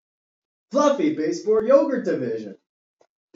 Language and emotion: English, happy